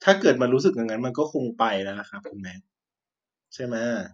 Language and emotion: Thai, frustrated